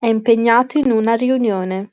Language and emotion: Italian, neutral